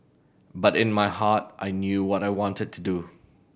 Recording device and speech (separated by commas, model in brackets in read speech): boundary microphone (BM630), read sentence